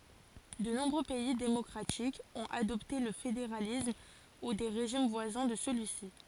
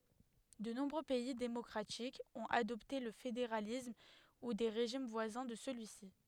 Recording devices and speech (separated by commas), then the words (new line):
forehead accelerometer, headset microphone, read sentence
De nombreux pays démocratiques ont adopté le fédéralisme ou des régimes voisins de celui-ci.